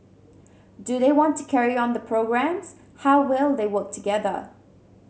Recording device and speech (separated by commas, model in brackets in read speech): mobile phone (Samsung C7100), read sentence